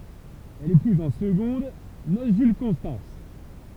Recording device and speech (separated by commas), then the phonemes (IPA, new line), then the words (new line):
temple vibration pickup, read sentence
ɛl epuz ɑ̃ səɡɔ̃d nos ʒyl kɔ̃stɑ̃s
Elle épouse en secondes noces Jules Constance.